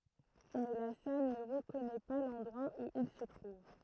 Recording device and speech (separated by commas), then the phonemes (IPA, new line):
throat microphone, read sentence
mɛ la sal nə ʁəkɔnɛ pa lɑ̃dʁwa u il sə tʁuv